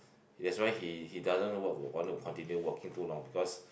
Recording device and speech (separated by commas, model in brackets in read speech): boundary microphone, conversation in the same room